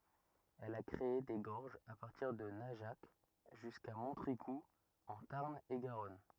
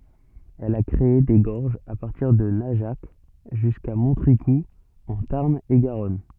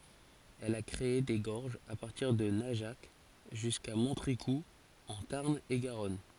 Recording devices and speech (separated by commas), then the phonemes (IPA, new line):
rigid in-ear microphone, soft in-ear microphone, forehead accelerometer, read sentence
ɛl a kʁee de ɡɔʁʒz a paʁtiʁ də naʒak ʒyska mɔ̃tʁikuz ɑ̃ taʁn e ɡaʁɔn